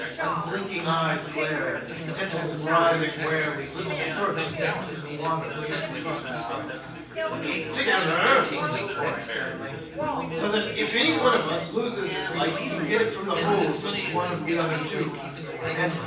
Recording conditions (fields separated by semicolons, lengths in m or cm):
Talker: one person; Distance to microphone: 9.8 m; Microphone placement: far; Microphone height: 1.8 m; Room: large; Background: babble